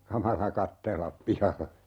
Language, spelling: Finnish, kamala katsella pihalle
- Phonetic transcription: "kamala 'kattellap 'pihalle .

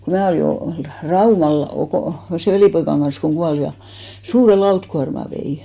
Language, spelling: Finnish, kun minä olin olin Raumalla Okon sen velipoikani kanssa kun kuoli ja suuren lautakuorman vein
- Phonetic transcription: ko 'mää olì , ol , "Raumal Okò , sè 'velìpoikan ɢan̬s koŋ 'ɢual ja , 'suure "lautkuarma vei .

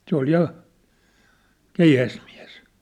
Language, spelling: Finnish, se oli ja keihäsmies
- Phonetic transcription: 'se ‿ol 'ja , "keihäsmiä̭s .

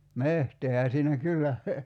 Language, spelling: Finnish, metsäähän siinä kyllä
- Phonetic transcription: 'mehteehä siinä "kyllä ,.

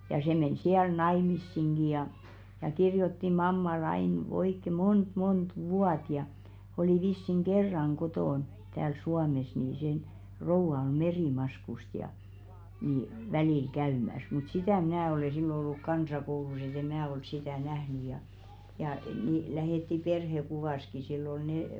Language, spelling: Finnish, ja se meni siellä naimisiinkin ja ja kirjoitti mammalle aina oikein monta monta vuotta ja oli vissiin kerran kotona täällä Suomessa niin sen rouva oli Merimaskusta ja niin välillä käymässä mutta sitä minä olen silloin ollut kansakoulussa että en minä ole sitä nähnyt ja ja niin lähetti perhekuvansakin sillä oli ne
- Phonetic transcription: ja 'se men siäl "naimissiŋɢi ja , ja 'kirjotti "mamma'l ‿ain , oikke 'mont 'mont "vuat ja , 'olì vissiŋ "ɢerraŋ 'ɢotòn , tääl "Suames nii sen , 'rouva oᵐ "Merìmaskust ja , ni , välìl 'käymäs mut 'sitä̀ 'mⁱnä̀ ole sillo 'olluk "kansakoulus ‿et ‿e "mää ol 'sitä̀ 'nähny ja , jà nì 'lähètti "perhe'kuvàski sill ‿ol nè ,.

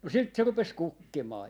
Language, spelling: Finnish, no sitten se rupesi kukkimaan
- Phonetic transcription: no 'sit se 'rupes "kukkimaa .

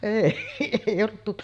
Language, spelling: Finnish, ei ei ollut -
- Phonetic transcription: 'èi , èij ‿ollut tut- ,.

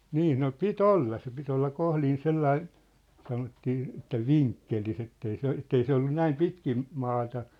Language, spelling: Finnish, niin no piti olla se piti olla kohdin sellainen sanottiin että vinkkelissä että ei se että ei se ollut näin pitkin maata
- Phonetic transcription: 'nii no 'pi"t ‿olla se pit ‿olla 'kohlin 'sellain̬ , sanottii , että "viŋkkelis ‿ettei se 'ettei se ollu 'näim 'pitkim̳ , 'maata .

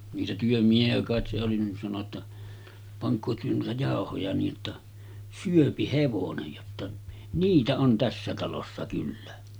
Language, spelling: Finnish, niitä työmiehiä kai se oli niin sanoi jotta pankaa te noita jauhoja niin jotta syö hevonen jotta niitä on tässä talossa kyllä
- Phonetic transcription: niitä 'työmiehi₍ä kàet se oli nin sano ‿tta , » 'paŋk̀oo työ nuita 'jàohoja nii ’otta , "syöpi 'hevonej « jotta , » 'niitä on 'tässä talossa kyllä « .

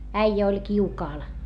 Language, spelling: Finnish, äijä oli kiukaalla
- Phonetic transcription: äijä oĺ kiukaal .

